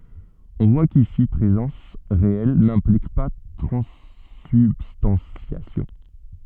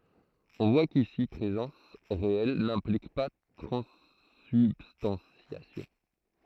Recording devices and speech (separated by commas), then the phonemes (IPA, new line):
soft in-ear microphone, throat microphone, read sentence
ɔ̃ vwa kisi pʁezɑ̃s ʁeɛl nɛ̃plik pa tʁɑ̃sybstɑ̃sjasjɔ̃